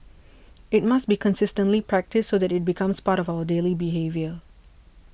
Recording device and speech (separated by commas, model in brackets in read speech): boundary microphone (BM630), read sentence